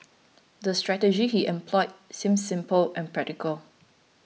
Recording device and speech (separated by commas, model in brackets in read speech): mobile phone (iPhone 6), read sentence